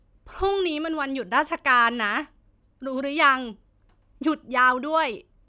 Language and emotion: Thai, frustrated